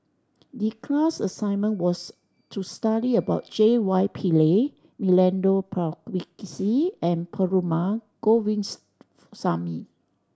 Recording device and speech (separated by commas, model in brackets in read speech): standing microphone (AKG C214), read sentence